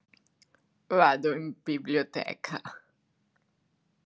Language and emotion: Italian, disgusted